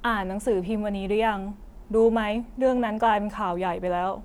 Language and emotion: Thai, neutral